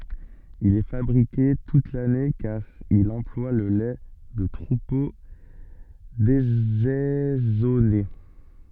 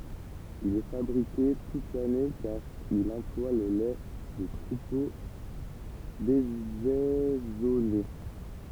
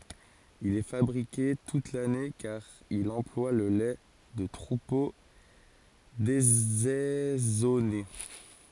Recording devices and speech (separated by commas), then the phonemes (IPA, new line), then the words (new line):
soft in-ear microphone, temple vibration pickup, forehead accelerometer, read sentence
il ɛ fabʁike tut lane kaʁ il ɑ̃plwa lə lɛ də tʁupo dezɛzɔne
Il est fabriqué toute l'année car il emploie le lait de troupeaux désaisonnés.